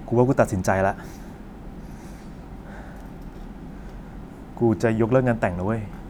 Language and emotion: Thai, frustrated